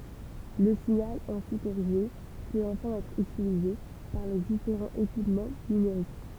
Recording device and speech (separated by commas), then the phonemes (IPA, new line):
temple vibration pickup, read sentence
lə siɲal ɛ̃si koʁiʒe pøt ɑ̃fɛ̃ ɛtʁ ytilize paʁ le difeʁɑ̃z ekipmɑ̃ nymeʁik